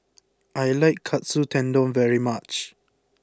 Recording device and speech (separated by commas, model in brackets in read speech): close-talking microphone (WH20), read sentence